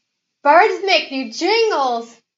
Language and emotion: English, happy